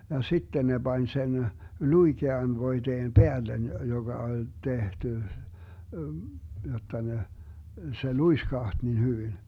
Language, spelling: Finnish, ja sitten ne pani sen luikean voiteen päälle joka oli tehty jotta ne se luiskahti niin hyvin
- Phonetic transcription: ja 'sitte ne 'Bań sen , "luikean 'voiteem "peällen 'joGa oĺ 'tehty , 'jot̆ta ne , se "luiskaht nin 'hyvin .

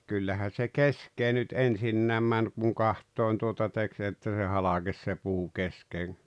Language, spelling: Finnish, kyllähän se keskeen nyt ensinnäkin meni kun katsoen tuota teki se että se halkesi se puu keskeen
- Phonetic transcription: 'kyllähän̬ se "kesk̀ee nyt 'ensinnääm män kuŋ "kaht̆tòen tuota 'tek se että se 'halaGes se puu 'keskeeŋ .

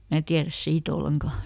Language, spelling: Finnish, minä tiedä siitä ollenkaan
- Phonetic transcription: ˈmää tiäräs ˈsii"t ‿olleŋkà .

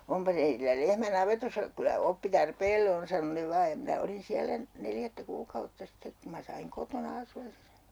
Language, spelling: Finnish, onpa teillä lehmä navetassa kyllä oppi tarpeelle on sanoi ne vain ja minä olin siellä neljättä kuukautta sitten kun minä sain kotona asua sen
- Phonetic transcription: » 'ompa teitillä 'lehmä "navetossa , kylä 'oppi 'tarpeelle on » sano 'ne 'vaaj ja minä 'olin siälä , 'neljättä 'kuukautta sittek ku ma "saiŋ 'kotona 'asu₍as se .

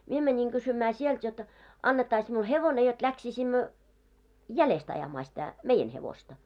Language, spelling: Finnish, minä menin kysymään sieltä jotta annettaisiin minulle hevonen jotta lähtisimme jäljestä ajamaan sitä meidän hevosta
- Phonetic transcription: 'mie mäńiŋ 'ɢysymää 'sielt jot , 'annettais miul 'hevone jot läksisimmö , "jälest ajamaa sitä , 'meijen hevosta .

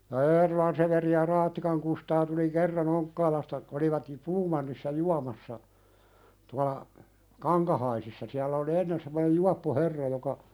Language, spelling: Finnish, ja Eerolan Severi ja Raattikan Kustaa tuli kerran Onkkaalasta olivat ja Puumannissa juomassa tuolla Kankahaisissa siellä oli ennen semmoinen juoppo herra joka
- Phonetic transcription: ja 'Eerolan Severi ja 'Raattikaŋ Kustaa tuli 'kerra"n ‿Oŋkkaalasta , olivat jᵘ- , "Puumannissa 'juamassa , tuala , "Kaŋkahaisissa siällä oli 'ennen semmonej "juappo 'herra joka ,.

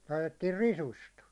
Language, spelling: Finnish, laitettiin risusta
- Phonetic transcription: laitettiir "risust .

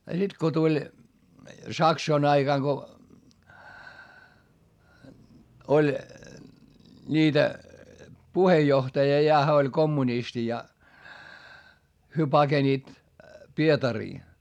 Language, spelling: Finnish, ja sitten kun tuli saksojen aikana kun oli niitä puheenjohtaja ja hän oli kommunisti ja he pakenivat Pietariin
- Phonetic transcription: ja sit ko tuĺ , saksoin ‿aiGaŋ Go , oĺ , ńiitä , puhejjohtaja ja hä oĺ kommunisti ja , hyö paGeniit , Pietarii .

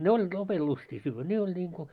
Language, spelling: Finnish, ne oli lopen lystiä syödä ne oli niin kuin
- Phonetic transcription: 'ne oĺĺit 'lopel lustii syyvvä 'ne oĺ n̆iiŋko ,.

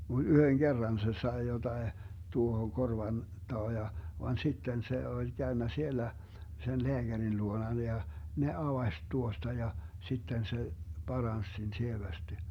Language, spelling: Finnish, mutta yhden kerran se sai jotakin tuohon korvan taa ja vaan sitten se oli käynyt siellä sen lääkärin luona ja ne avasi tuosta ja sitten se paransi sen sievästi
- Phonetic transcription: (mut) 'yhöŋ "Gerran se 'sae 'jotae , 'tuohoŋ 'korvan , 'taa ja , van 'sitten 'se 'oĺ 'Gäönnä 'sielä , sen "leäGärin 'luonan ja , 'ne "avaś 'tuosta ja , 'sitten se , "Barans 'sen 'sievästi .

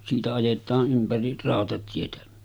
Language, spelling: Finnish, siitä ajetaan ympäri rautatietä
- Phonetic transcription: siitä 'ajet̆taa’ ’ympäri , 'ràotatietä .

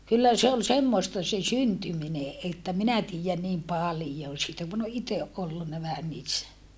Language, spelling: Finnish, kyllä se oli semmoista se syntyminen että minä tiedän niin paljon siitä kun olen itse ollut vähän niissä
- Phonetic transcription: kyllä se ol semmoᵉsta se syntymine ʼettä minä tiijän niim palⁱjon̬ siitä kun ‿o ʼiteʼ ʼollunna vähän niissä .

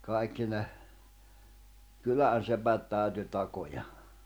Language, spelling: Finnish, kaikki ne kylän sepät täytyi takoa
- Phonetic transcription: 'kaikki ne , 'kylän̬ sepät 'tä̀yty 'takoja .

